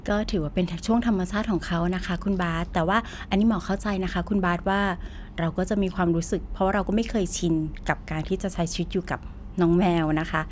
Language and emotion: Thai, neutral